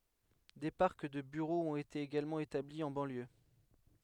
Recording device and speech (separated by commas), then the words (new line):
headset microphone, read sentence
Des parcs de bureaux ont été également établis en banlieue.